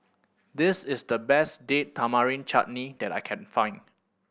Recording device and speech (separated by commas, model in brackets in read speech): boundary microphone (BM630), read sentence